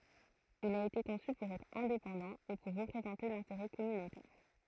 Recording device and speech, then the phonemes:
throat microphone, read sentence
il a ete kɔ̃sy puʁ ɛtʁ ɛ̃depɑ̃dɑ̃ e puʁ ʁəpʁezɑ̃te lɛ̃teʁɛ kɔmynotɛʁ

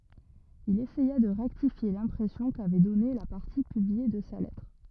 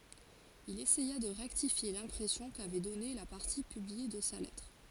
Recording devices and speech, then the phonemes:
rigid in-ear microphone, forehead accelerometer, read sentence
il esɛja də ʁɛktifje lɛ̃pʁɛsjɔ̃ kavɛ dɔne la paʁti pyblie də sa lɛtʁ

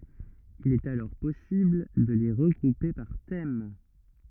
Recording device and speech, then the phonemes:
rigid in-ear microphone, read sentence
il ɛt alɔʁ pɔsibl də le ʁəɡʁupe paʁ tɛm

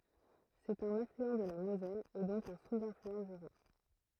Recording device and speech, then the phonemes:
throat microphone, read sentence
sɛt œ̃n aflyɑ̃ də la mozɛl e dɔ̃k œ̃ suzaflyɑ̃ dy ʁɛ̃

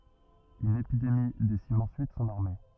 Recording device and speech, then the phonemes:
rigid in-ear microphone, read sentence
yn epidemi desim ɑ̃syit sɔ̃n aʁme

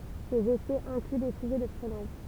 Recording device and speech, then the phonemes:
temple vibration pickup, read sentence
sez esɛz ɛ̃kly de fyze də fʁɛnaʒ

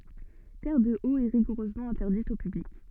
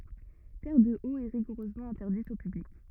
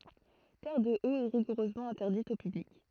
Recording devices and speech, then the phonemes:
soft in-ear microphone, rigid in-ear microphone, throat microphone, read sentence
tɛʁədəot ɛ ʁiɡuʁøzmɑ̃ ɛ̃tɛʁdit o pyblik

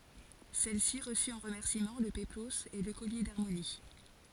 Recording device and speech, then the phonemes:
forehead accelerometer, read sentence
sɛlsi ʁəsy ɑ̃ ʁəmɛʁsimɑ̃ lə peploz e lə kɔlje daʁmoni

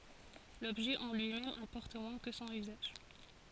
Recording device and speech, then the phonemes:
forehead accelerometer, read sentence
lɔbʒɛ ɑ̃ lyimɛm ɛ̃pɔʁt mwɛ̃ kə sɔ̃n yzaʒ

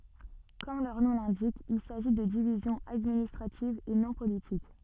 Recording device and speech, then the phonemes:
soft in-ear microphone, read sentence
kɔm lœʁ nɔ̃ lɛ̃dik il saʒi də divizjɔ̃z administʁativz e nɔ̃ politik

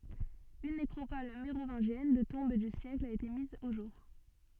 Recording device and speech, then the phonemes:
soft in-ear microphone, read sentence
yn nekʁopɔl meʁovɛ̃ʒjɛn də tɔ̃b dy sjɛkl a ete miz o ʒuʁ

